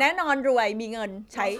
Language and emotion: Thai, happy